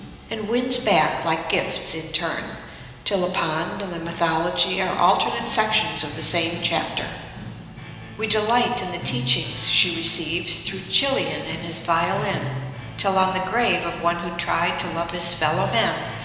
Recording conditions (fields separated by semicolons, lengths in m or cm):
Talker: one person; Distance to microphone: 1.7 m; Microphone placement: close; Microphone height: 1.0 m; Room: very reverberant, large; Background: music